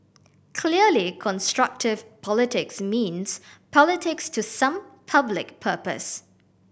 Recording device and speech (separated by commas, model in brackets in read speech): boundary microphone (BM630), read sentence